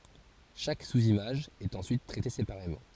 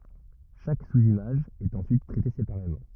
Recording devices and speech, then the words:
forehead accelerometer, rigid in-ear microphone, read sentence
Chaque sous-image est ensuite traitée séparément.

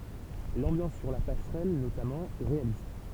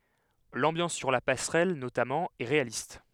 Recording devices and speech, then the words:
temple vibration pickup, headset microphone, read sentence
L'ambiance sur la passerelle, notamment, est réaliste.

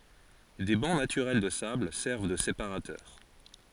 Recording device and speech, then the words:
forehead accelerometer, read sentence
Des bancs naturels de sable servent de séparateurs.

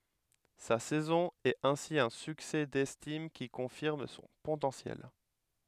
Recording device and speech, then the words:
headset microphone, read sentence
Sa saison est ainsi un succès d'estime qui confirme son potentiel.

